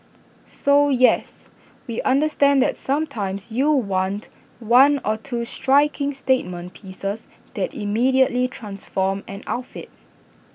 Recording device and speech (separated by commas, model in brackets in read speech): boundary microphone (BM630), read sentence